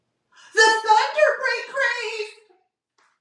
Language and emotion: English, fearful